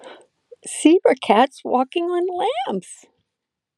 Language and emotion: English, sad